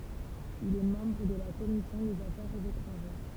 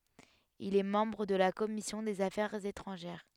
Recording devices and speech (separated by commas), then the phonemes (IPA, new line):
temple vibration pickup, headset microphone, read sentence
il ɛ mɑ̃bʁ də la kɔmisjɔ̃ dez afɛʁz etʁɑ̃ʒɛʁ